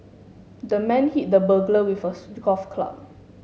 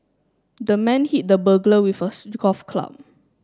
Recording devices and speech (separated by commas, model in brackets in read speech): mobile phone (Samsung S8), standing microphone (AKG C214), read sentence